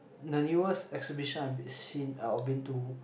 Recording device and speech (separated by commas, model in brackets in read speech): boundary microphone, conversation in the same room